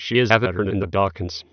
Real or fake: fake